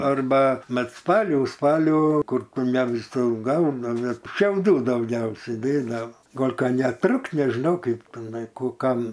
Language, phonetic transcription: Lithuanian, arˈba ˈmat ˈspalių ˈspalių ˈkur ˈkur ne viˈsur ˈgaunami šiauˈdų dauˈgiausia ˈdėdao ˈgol' ˈka neˈtrukt nežiˈnau ˈkaip tiˈnai ˈkų ˈkam

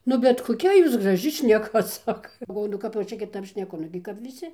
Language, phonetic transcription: Lithuanian, ˈnu bet koˈkia jūs graˈži šneˈka ˈsaka galˈvoju nu ˈkap jau ˈčia kiˈtap šneˈku ˈnugi kap viˈsi

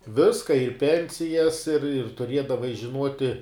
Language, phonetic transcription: Lithuanian, ˈviska ir ˈpensijas ir ir tuˈriedavai žiˈnuoti

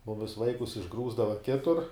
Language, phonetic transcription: Lithuanian, ˈmumis ˈvaikus išˈgrūsdava ˈkitur

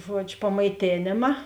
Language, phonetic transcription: Lithuanian, ˈžuodžiu pamaiˈtėnėma

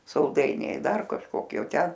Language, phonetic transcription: Lithuanian, salˈdainiai ˈdar kažˈkokie o ˈten

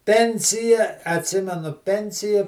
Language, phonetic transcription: Lithuanian, ˈpensija atˈsimenu ˈpensija

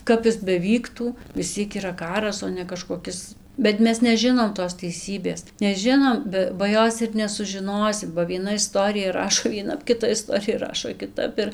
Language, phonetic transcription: Lithuanian, ˈkap is beˈvyktų vis ˈciek yˈra ˈkaras o ne kažkoˈkis bet ˈmes neˈžinom tos teiˈsybės neˈžinom ˈbe ba ˈjos ir nesužiˈnosim ba vieˈna iˈstorija ˈrašo vieˈnap kiˈta iˈstorijaˈrašo kiˈtap ir

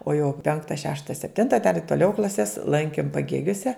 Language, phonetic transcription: Lithuanian, o jau ˈpenkta ˈšešta sepˈtinta dar i toˈliau klaˈses ˈlankim paˈgėgiose

